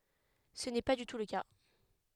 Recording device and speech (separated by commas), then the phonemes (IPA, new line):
headset microphone, read sentence
sə nɛ pa dy tu lə ka